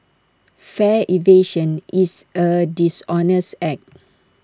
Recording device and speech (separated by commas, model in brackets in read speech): standing microphone (AKG C214), read sentence